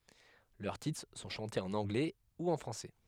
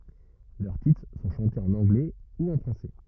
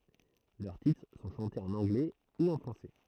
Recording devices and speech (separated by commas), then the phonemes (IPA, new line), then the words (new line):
headset microphone, rigid in-ear microphone, throat microphone, read sentence
lœʁ titʁ sɔ̃ ʃɑ̃tez ɑ̃n ɑ̃ɡlɛ u ɑ̃ fʁɑ̃sɛ
Leurs titres sont chantés en anglais ou en français.